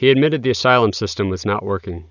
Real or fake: real